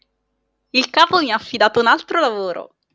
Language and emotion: Italian, happy